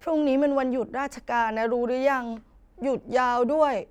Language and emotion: Thai, sad